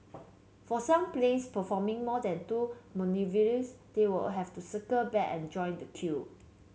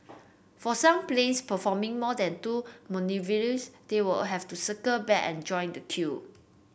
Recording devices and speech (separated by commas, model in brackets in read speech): mobile phone (Samsung C7), boundary microphone (BM630), read sentence